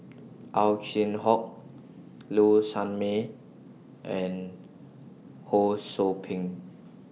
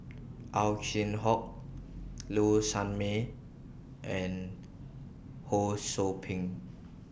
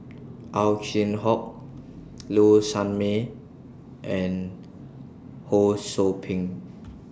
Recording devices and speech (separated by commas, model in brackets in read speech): mobile phone (iPhone 6), boundary microphone (BM630), standing microphone (AKG C214), read sentence